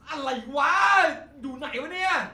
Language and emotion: Thai, angry